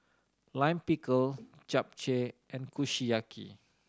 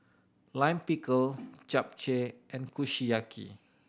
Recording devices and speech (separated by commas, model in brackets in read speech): standing microphone (AKG C214), boundary microphone (BM630), read sentence